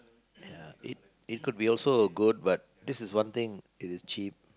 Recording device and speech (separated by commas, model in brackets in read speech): close-talking microphone, conversation in the same room